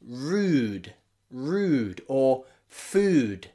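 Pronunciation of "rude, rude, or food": The d sound at the end of 'rude' and 'food' is a bit softer.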